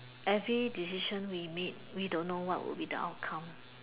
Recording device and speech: telephone, conversation in separate rooms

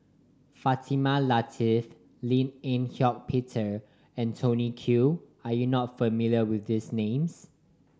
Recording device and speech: standing microphone (AKG C214), read sentence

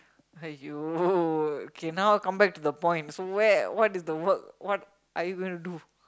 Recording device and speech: close-talking microphone, conversation in the same room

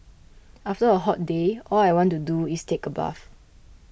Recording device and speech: boundary microphone (BM630), read sentence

